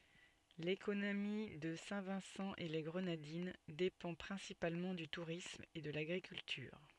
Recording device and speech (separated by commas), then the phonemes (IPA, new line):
soft in-ear microphone, read sentence
lekonomi də sɛ̃ vɛ̃sɑ̃ e le ɡʁənadin depɑ̃ pʁɛ̃sipalmɑ̃ dy tuʁism e də laɡʁikyltyʁ